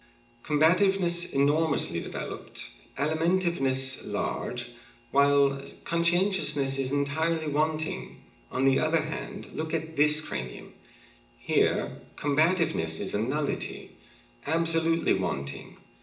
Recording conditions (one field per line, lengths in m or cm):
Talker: one person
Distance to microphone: 1.8 m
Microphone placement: close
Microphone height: 1.0 m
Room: large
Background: none